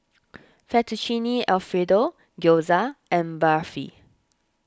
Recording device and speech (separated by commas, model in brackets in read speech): standing microphone (AKG C214), read sentence